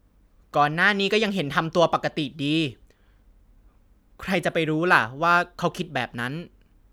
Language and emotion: Thai, frustrated